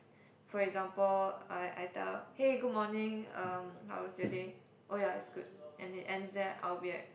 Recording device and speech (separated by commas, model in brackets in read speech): boundary microphone, conversation in the same room